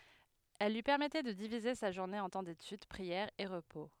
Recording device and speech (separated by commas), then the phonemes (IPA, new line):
headset microphone, read sentence
ɛl lyi pɛʁmɛtɛ də divize sa ʒuʁne ɑ̃ tɑ̃ detyd pʁiɛʁ e ʁəpo